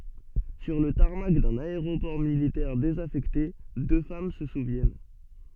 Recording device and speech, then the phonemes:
soft in-ear microphone, read sentence
syʁ lə taʁmak dœ̃n aeʁopɔʁ militɛʁ dezafɛkte dø fam sə suvjɛn

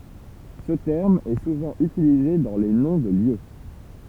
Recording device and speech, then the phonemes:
temple vibration pickup, read sentence
sə tɛʁm ɛ suvɑ̃ ytilize dɑ̃ le nɔ̃ də ljø

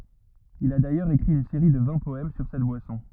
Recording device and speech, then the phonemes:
rigid in-ear microphone, read sentence
il a dajœʁz ekʁi yn seʁi də vɛ̃ pɔɛm syʁ sɛt bwasɔ̃

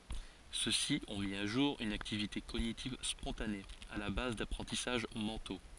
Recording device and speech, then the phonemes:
forehead accelerometer, read sentence
sø si ɔ̃ mi a ʒuʁ yn aktivite koɲitiv spɔ̃tane a la baz dapʁɑ̃tisaʒ mɑ̃to

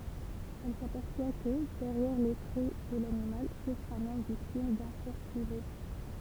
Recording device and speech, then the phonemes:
temple vibration pickup, read sentence
ɛl sapɛʁswa kə dɛʁjɛʁ le tʁɛ də lanimal sufʁ œ̃n ɔm viktim dœ̃ sɔʁtilɛʒ

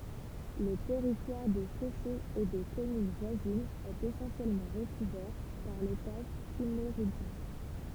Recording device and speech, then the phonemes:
temple vibration pickup, read sentence
lə tɛʁitwaʁ də soʃoz e de kɔmyn vwazinz ɛt esɑ̃sjɛlmɑ̃ ʁəkuvɛʁ paʁ letaʒ kimmeʁidʒjɛ̃

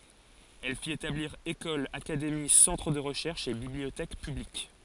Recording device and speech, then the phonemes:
forehead accelerometer, read sentence
ɛl fit etabliʁ ekolz akademi sɑ̃tʁ də ʁəʃɛʁʃz e bibliotɛk pyblik

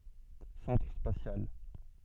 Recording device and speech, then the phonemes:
soft in-ear microphone, read sentence
sɑ̃tʁ spasjal

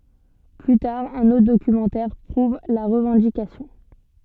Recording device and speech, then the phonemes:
soft in-ear microphone, read sentence
ply taʁ œ̃n otʁ dokymɑ̃tɛʁ pʁuv la ʁəvɑ̃dikasjɔ̃

